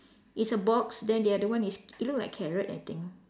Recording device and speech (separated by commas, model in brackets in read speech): standing microphone, conversation in separate rooms